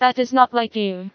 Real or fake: fake